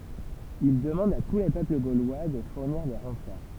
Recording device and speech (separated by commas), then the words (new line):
temple vibration pickup, read sentence
Il demande à tous les peuples gaulois de fournir des renforts.